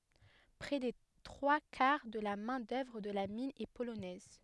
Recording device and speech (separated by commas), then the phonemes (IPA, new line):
headset microphone, read sentence
pʁɛ de tʁwa kaʁ də la mɛ̃ dœvʁ də la min ɛ polonɛz